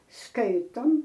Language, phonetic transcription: Lithuanian, ˈskaitom

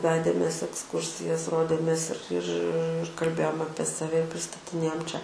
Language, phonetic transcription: Lithuanian, ˈvedėmės eksˈkursijas ˈrodėmės ir ir kalˈbėjom ˈapie saˈve i pristatiˈnėjom ˈčia

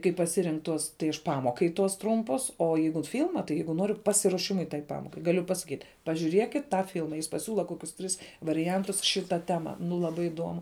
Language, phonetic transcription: Lithuanian, kai paˈsirink ˈtuos tai aš ˈpamokai tuos ˈtrumpus o ˈjeigut ˈfilma tai ˈjeigu ˈnoriu ˈpasiruoˌšimui tai ˈpamokai gaˈliu pasaˈkyt' pažiūˈriekit ˈtą ˈfilma jis paˈsiūla ˈkokius ˈtris variˈjantus ˈšiˌta ˈtema nu laˈbai iˈduomu

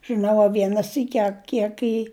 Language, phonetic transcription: Lithuanian, žɨˈnau a ˈviena ˈsyki a ˈkiek i

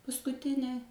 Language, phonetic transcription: Lithuanian, paskuˈtinė

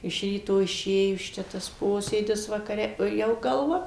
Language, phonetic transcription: Lithuanian, iš ˈryto iˈšėjus ˈčia tas ˈposėdis vakaˈre o ˈjau galˈva

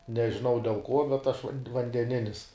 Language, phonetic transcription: Lithuanian, nežiˈnau del ˈkuo bet aš van vandeˈninis

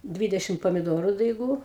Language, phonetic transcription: Lithuanian, ˈdvydešim pamiˈdoru daiˈgų

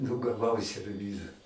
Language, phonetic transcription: Lithuanian, nu gaˈvau serˈvyza

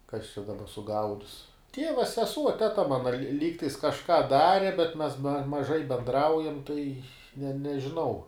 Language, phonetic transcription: Lithuanian, kas čia daˈba suˈgaudis ˈtieva seˈsuo teˈta ˈmana li ˈlygtais kažˈką ˈdari bet mes maˈžai benˈdraujam tai ne nežiˈnau

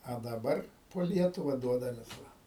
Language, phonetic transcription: Lithuanian, a daˈbar po ˈlietuva ˈduodamės ˈva

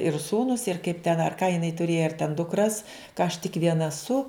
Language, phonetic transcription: Lithuanian, ir ˈsūnus ir kaip ten ar ką jiˈnai tuˈrėja ar ten dukˈras ka aš tik ˈviena aˈsu

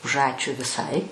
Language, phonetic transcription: Lithuanian, už ˈačiu viˈsai

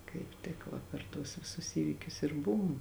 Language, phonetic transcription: Lithuanian, kaip ˈtik va per ˈtuos viˈsus ˈįvykius ir ˈbuvum

